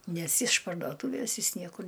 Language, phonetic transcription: Lithuanian, ˈnes iš pardoˈtūvės ˈjis ˈniekur

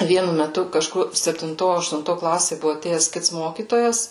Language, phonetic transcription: Lithuanian, ˈvienu meˈtu kaˈžkur septinˈto aštunˈto ˈklasė ˈbuvu aˈtėjes ˈkits ˈmokytojas

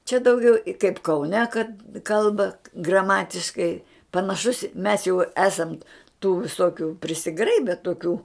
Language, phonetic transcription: Lithuanian, čia dauˈgiau i kaip kauˈne kad ˈkalba graˈmatiškai panaˈšus mes jau ˈesant tų viˈsokiu prisiˈgraibe toˈkių

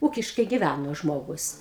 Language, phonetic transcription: Lithuanian, ˈūkiškai giˈvæno ˈžmogus

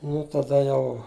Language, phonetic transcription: Lithuanian, ˈnu taˈda ˈjau

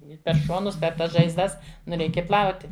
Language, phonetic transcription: Lithuanian, ˈi per ˈšonus per ˈtas žaizˈdas nu ˈreikia ˈplauti

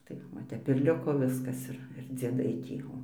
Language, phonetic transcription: Lithuanian, ˈtai va ˈtep ir ˈliko ˈviskas ˈir ir dzieˈdai ˈtį ˈo

